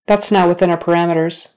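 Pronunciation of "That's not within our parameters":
'That's not within our parameters' is said in a more natural manner and at a more natural speed, not slowly.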